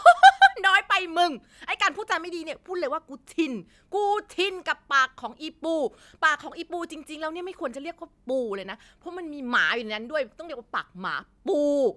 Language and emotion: Thai, happy